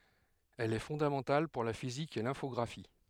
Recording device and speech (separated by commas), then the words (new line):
headset microphone, read sentence
Elle est fondamentale pour la physique et l'infographie.